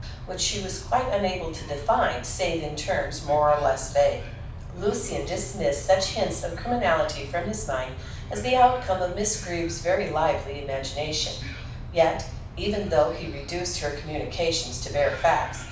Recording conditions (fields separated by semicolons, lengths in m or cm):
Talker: one person; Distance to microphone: 5.8 m; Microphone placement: far; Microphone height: 1.8 m; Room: medium-sized (5.7 m by 4.0 m); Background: television